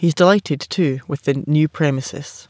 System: none